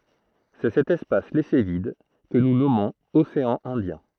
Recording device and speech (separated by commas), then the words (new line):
throat microphone, read sentence
C’est cet espace laissé vide que nous nommons océan Indien.